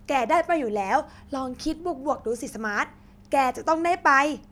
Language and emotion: Thai, happy